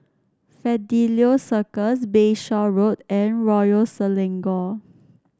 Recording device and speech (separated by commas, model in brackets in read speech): standing microphone (AKG C214), read sentence